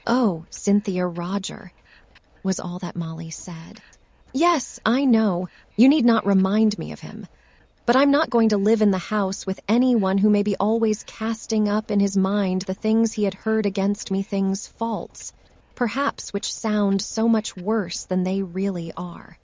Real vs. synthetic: synthetic